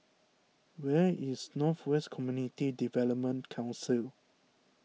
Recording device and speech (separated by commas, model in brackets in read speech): mobile phone (iPhone 6), read sentence